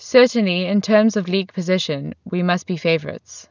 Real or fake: real